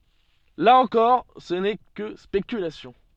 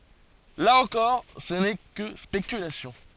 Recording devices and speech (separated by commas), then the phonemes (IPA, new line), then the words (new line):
soft in-ear microphone, forehead accelerometer, read sentence
la ɑ̃kɔʁ sə nɛ kə spekylasjɔ̃
Là encore, ce n'est que spéculations.